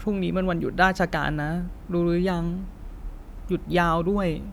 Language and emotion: Thai, sad